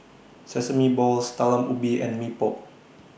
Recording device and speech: boundary microphone (BM630), read sentence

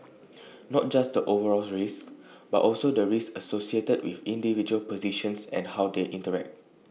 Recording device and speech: mobile phone (iPhone 6), read sentence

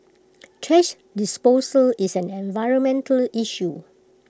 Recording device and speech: close-talking microphone (WH20), read sentence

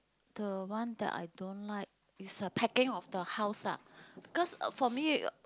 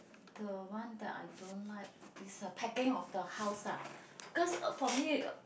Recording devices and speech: close-talking microphone, boundary microphone, conversation in the same room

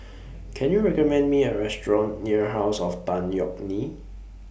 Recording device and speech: boundary microphone (BM630), read sentence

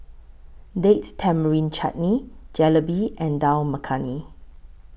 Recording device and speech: boundary microphone (BM630), read sentence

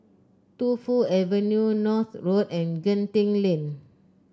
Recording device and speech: close-talking microphone (WH30), read sentence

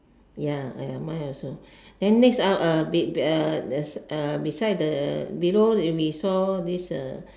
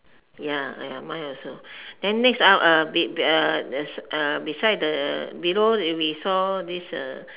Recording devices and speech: standing microphone, telephone, conversation in separate rooms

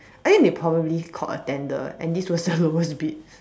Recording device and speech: standing microphone, conversation in separate rooms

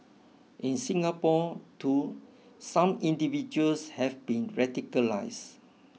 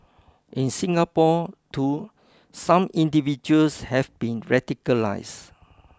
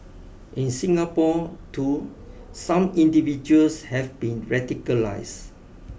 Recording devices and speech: mobile phone (iPhone 6), close-talking microphone (WH20), boundary microphone (BM630), read sentence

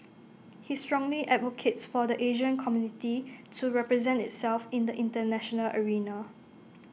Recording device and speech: mobile phone (iPhone 6), read sentence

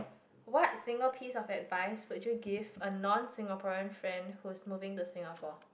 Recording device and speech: boundary microphone, conversation in the same room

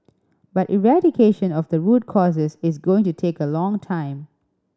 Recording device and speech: standing microphone (AKG C214), read sentence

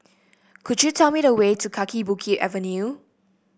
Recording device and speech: boundary microphone (BM630), read sentence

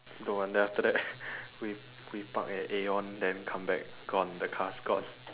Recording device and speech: telephone, conversation in separate rooms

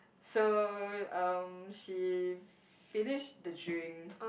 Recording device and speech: boundary microphone, conversation in the same room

